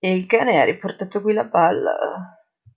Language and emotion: Italian, disgusted